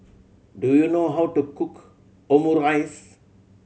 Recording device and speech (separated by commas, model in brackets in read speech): mobile phone (Samsung C7100), read sentence